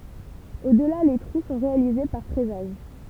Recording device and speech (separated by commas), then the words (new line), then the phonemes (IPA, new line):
temple vibration pickup, read sentence
Au-delà les trous sont réalisés par fraisage.
odla le tʁu sɔ̃ ʁealize paʁ fʁɛzaʒ